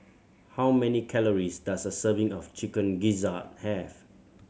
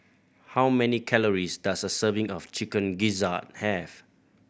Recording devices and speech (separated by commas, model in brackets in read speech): mobile phone (Samsung C7100), boundary microphone (BM630), read sentence